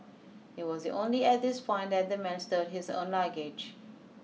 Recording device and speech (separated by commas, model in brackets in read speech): mobile phone (iPhone 6), read sentence